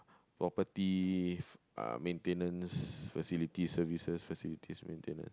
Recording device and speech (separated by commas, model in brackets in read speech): close-talking microphone, conversation in the same room